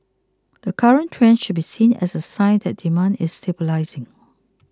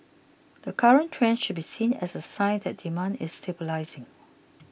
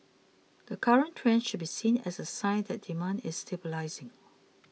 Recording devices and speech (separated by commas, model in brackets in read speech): close-talking microphone (WH20), boundary microphone (BM630), mobile phone (iPhone 6), read sentence